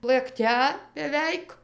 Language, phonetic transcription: Lithuanian, lɘkˈte beˈveik

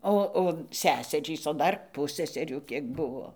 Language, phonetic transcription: Lithuanian, ˈo o ˈseserys o ˈdar ˈpusseserių ˈkiek ˈbuvo

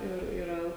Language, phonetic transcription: Lithuanian, ˈir iˈra

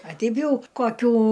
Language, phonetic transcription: Lithuanian, a ˈteip ˈjau koˈkių

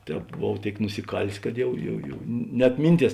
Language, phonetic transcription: Lithuanian, ˈtēp boˈvau ˈtėik nusiˈkalės kad ˈjau jau jau net ˈminˌties

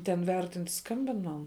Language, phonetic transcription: Lithuanian, ten ˈvertint ˈskambin ˈman

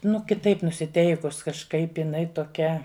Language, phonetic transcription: Lithuanian, nu kiˈtaip nusiˈteikus kažˈkaip iˈnai toˈkia

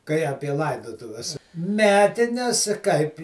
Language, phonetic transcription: Lithuanian, kai ˈapie ˈlaidotuves ˈmetines kaip

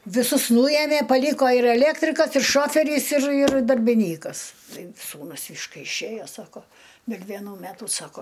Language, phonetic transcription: Lithuanian, viˈsus ˈnūjemė paˈlyko ir eˈlėktrikas ir ˈšoferys ir ir darbiˈnykas ˈtai ˈsūnus iš ˈkai išˈėjo ˈsako del' vėˈnų ˈmetu ˈsako

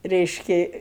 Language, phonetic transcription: Lithuanian, ˈreiški

